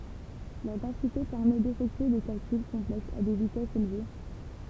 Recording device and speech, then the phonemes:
temple vibration pickup, read sentence
lœʁ dɑ̃site pɛʁmɛ defɛktye de kalkyl kɔ̃plɛksz a de vitɛsz elve

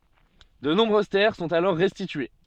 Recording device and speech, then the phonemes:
soft in-ear microphone, read sentence
də nɔ̃bʁøz tɛʁ sɔ̃t alɔʁ ʁɛstitye

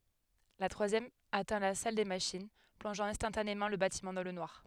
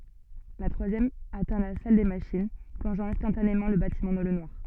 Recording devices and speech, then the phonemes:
headset microphone, soft in-ear microphone, read sentence
la tʁwazjɛm atɛ̃ la sal de maʃin plɔ̃ʒɑ̃ ɛ̃stɑ̃tanemɑ̃ lə batimɑ̃ dɑ̃ lə nwaʁ

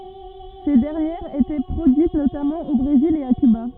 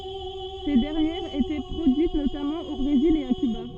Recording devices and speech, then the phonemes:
rigid in-ear microphone, soft in-ear microphone, read sentence
se dɛʁnjɛʁz etɛ pʁodyit notamɑ̃ o bʁezil e a kyba

